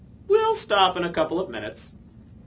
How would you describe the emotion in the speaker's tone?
happy